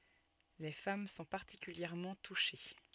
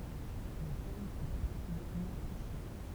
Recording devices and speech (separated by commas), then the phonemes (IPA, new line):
soft in-ear microphone, temple vibration pickup, read sentence
le fam sɔ̃ paʁtikyljɛʁmɑ̃ tuʃe